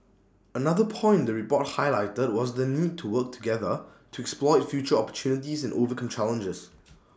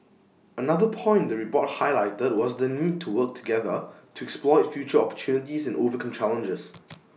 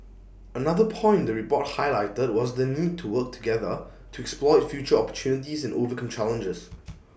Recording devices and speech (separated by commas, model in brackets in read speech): standing microphone (AKG C214), mobile phone (iPhone 6), boundary microphone (BM630), read sentence